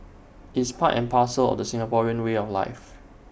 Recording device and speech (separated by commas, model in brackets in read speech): boundary microphone (BM630), read sentence